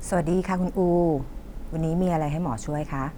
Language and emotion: Thai, neutral